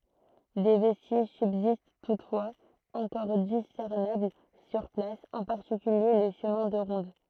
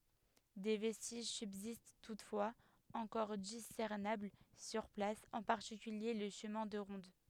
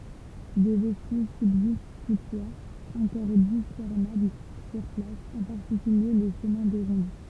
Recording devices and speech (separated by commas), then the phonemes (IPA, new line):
throat microphone, headset microphone, temple vibration pickup, read sentence
de vɛstiʒ sybzist tutfwaz ɑ̃kɔʁ disɛʁnabl syʁ plas ɑ̃ paʁtikylje lə ʃəmɛ̃ də ʁɔ̃d